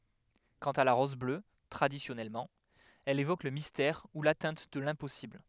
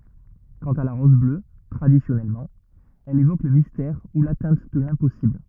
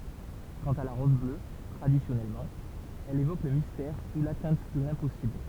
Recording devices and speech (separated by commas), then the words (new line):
headset microphone, rigid in-ear microphone, temple vibration pickup, read sentence
Quant à la rose bleue, traditionnellement, elle évoque le mystère ou l'atteinte de l'impossible.